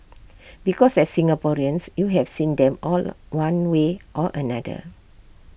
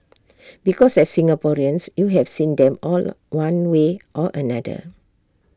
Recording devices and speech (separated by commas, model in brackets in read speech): boundary microphone (BM630), standing microphone (AKG C214), read sentence